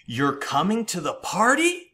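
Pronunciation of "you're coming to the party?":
'You're coming to the party' is said as an exclamation, not a question: the pitch goes down, which conveys surprise and excitement.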